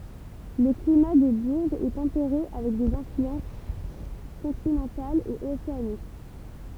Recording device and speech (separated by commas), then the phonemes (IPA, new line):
temple vibration pickup, read sentence
lə klima də buʁʒz ɛ tɑ̃peʁe avɛk dez ɛ̃flyɑ̃s kɔ̃tinɑ̃talz e oseanik